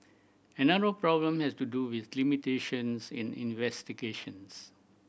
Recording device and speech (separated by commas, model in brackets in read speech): boundary microphone (BM630), read sentence